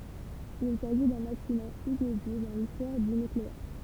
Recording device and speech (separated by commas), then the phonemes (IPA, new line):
temple vibration pickup, read sentence
il saʒi dœ̃n aksidɑ̃ inedi dɑ̃ listwaʁ dy nykleɛʁ